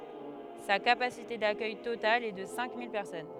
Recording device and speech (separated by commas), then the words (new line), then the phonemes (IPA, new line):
headset microphone, read sentence
Sa capacité d'accueil totale est de cinq mille personnes.
sa kapasite dakœj total ɛ də sɛ̃ mil pɛʁsɔn